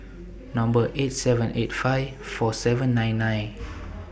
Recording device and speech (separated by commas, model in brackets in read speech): boundary microphone (BM630), read sentence